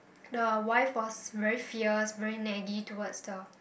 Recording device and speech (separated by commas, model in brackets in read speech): boundary microphone, conversation in the same room